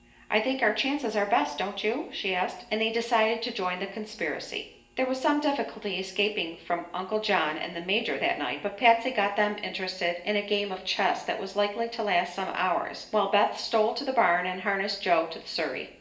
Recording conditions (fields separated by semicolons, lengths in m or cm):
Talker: one person; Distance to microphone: 1.8 m; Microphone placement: close; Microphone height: 1.0 m; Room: large; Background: none